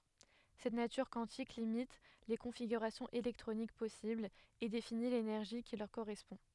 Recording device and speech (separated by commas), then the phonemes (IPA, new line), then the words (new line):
headset microphone, read sentence
sɛt natyʁ kwɑ̃tik limit le kɔ̃fiɡyʁasjɔ̃z elɛktʁonik pɔsiblz e defini lenɛʁʒi ki lœʁ koʁɛspɔ̃
Cette nature quantique limite les configurations électroniques possibles et définit l'énergie qui leur correspond.